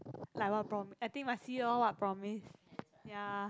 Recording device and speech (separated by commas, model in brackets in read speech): close-talking microphone, conversation in the same room